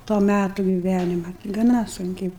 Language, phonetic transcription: Lithuanian, to ˈmætu giˈvænima gaˈna sunˈkiai

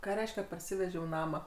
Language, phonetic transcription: Lithuanian, ˈką ˈreiškia parˈsivežiau ˈnamą

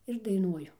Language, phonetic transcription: Lithuanian, ir daiˈnuoju

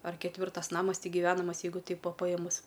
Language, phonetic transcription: Lithuanian, ar ketˈvirtas ˈnamas ˈtik giˈvenamas ˈjeigu ˈteip ˈva paˈjėmus

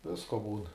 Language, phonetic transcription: Lithuanian, ˈvisko ˈbūn

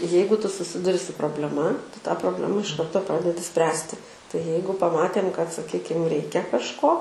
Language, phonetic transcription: Lithuanian, ˈjeigu ˈtu suˈsiduri su probleˈma ˈtu tą probˈlema iš ˈkarto ˈpradedi ˈspręsti tai ˈjeigu paˈmatėm kad saˈkykim ˈreikia kažˈko

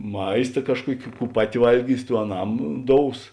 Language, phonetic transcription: Lithuanian, ˈmaista ˈkažˌkuoki ˈkų ˈpaˌti ˈvalˌgys ˈtų aˈnam ˈdous

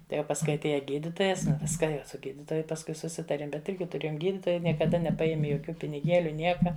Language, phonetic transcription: Lithuanian, tai jau pasˈkui atˈėja ˈgyditojas ˈviska ˈjau su ˈgyditoju pasˈkui suˈsitarėm bet ˈirgi tuˈrėjom ˈgyditojai niekaˈda nepaˈjemi joˈkių piniˈgėliu ˈnieka

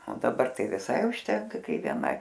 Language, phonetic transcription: Lithuanian, o daˈbar ˈtai viˈsai užˈtenka ˈkai vieˈnai

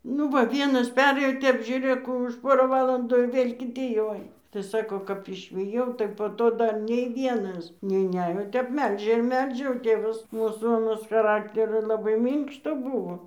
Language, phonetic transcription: Lithuanian, ˈnu ˈva ˈvienas ˈperėjo ˈtep žiūˈrėk ˈkų už ˈ pora ˈvalandų ir ˈvėl' kiˈti jau ˈaina tai ˈsako kap išviˈjau tai po ˈto ˈdar nei ˈvienas neiˈnejo o ˈtep ˈmelžia ir ˈmelžia o ˈtėvas ˈmūsų aˈnas chaˈrakterio ˈlabai ˈmynkšto ˈbuvo

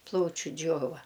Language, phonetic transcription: Lithuanian, ˈplaučiu ˈdžiova

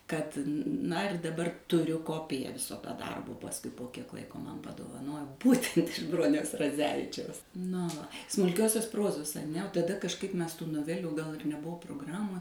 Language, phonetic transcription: Lithuanian, ˈkad ˈna ir daˈbar tuˈriu ˈkopija ˈviso ta ˈdarbo pasˈkui po ˈkiek ˈlaiko ˈman padovaˈnojo ˈbūtent iš ˈbroniaus raˈdzevičiaus no va smulˈkiosios ˈprozos aˈne o taˈda kažˈkaip ˈmes tų noˈvelių gal ir neˈbuvo progˈramo

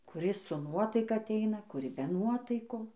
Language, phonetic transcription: Lithuanian, kuˈris su ˈnuotaika aˈteina kuˈri be ˈnuotaikos

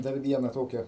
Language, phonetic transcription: Lithuanian, dar ˈviena ˈtokia

